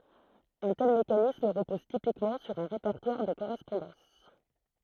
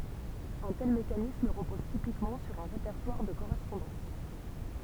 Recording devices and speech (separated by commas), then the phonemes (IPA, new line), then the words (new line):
throat microphone, temple vibration pickup, read sentence
œ̃ tɛl mekanism ʁəpɔz tipikmɑ̃ syʁ œ̃ ʁepɛʁtwaʁ də koʁɛspɔ̃dɑ̃s
Un tel mécanisme repose typiquement sur un répertoire de correspondances.